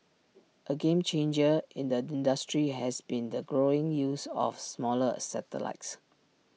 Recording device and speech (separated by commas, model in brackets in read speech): mobile phone (iPhone 6), read sentence